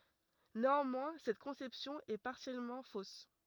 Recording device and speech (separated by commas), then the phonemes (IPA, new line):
rigid in-ear microphone, read sentence
neɑ̃mwɛ̃ sɛt kɔ̃sɛpsjɔ̃ ɛ paʁsjɛlmɑ̃ fos